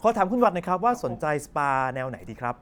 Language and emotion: Thai, neutral